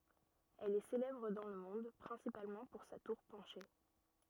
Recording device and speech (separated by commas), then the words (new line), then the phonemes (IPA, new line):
rigid in-ear microphone, read sentence
Elle est célèbre dans le monde principalement pour sa tour penchée.
ɛl ɛ selɛbʁ dɑ̃ lə mɔ̃d pʁɛ̃sipalmɑ̃ puʁ sa tuʁ pɑ̃ʃe